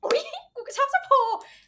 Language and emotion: Thai, happy